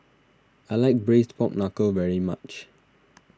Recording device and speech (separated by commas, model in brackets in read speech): standing microphone (AKG C214), read sentence